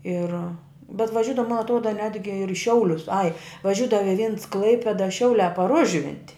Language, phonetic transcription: Lithuanian, ˈir bet vaˈžiudava man atˈruoda ˈnetgi ir i ˈšiaulius ai vaˈžiūdavo i vins ˈklaipėda ˈšiauliā par ˈužvinti

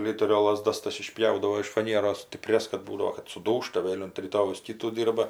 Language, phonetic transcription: Lithuanian, ˈliterio laˈzdas ˈtas iˈšpjaudavo iš faˈnieros stiˈprias kad ˈbūdavo kad suˈdūžta ˈvėl' unt ryˈtojaus ˈkitų ˈdyrba

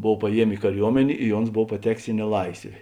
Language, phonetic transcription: Lithuanian, ˈbov paˈjiemė i kaˈriuomenė i ˈons ˈbov paˈtekės i neˈlaisvė

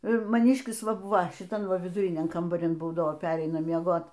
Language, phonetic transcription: Lithuanian, maˈniškis ˈva ˈbuva šiˈtam ˈva viduˈriniam kambaˈrin ˈbūdavo ˈpereina mieˈgot

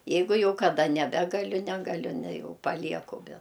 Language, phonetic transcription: Lithuanian, ˈjeigu ˈjau kaˈda neˈbegaliu ˈnegaliu ne ˈjau paˈlieku be

